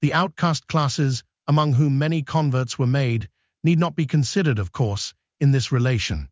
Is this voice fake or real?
fake